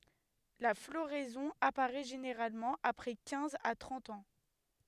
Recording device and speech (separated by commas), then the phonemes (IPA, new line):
headset microphone, read sentence
la floʁɛzɔ̃ apaʁɛ ʒeneʁalmɑ̃ apʁɛ kɛ̃z a tʁɑ̃t ɑ̃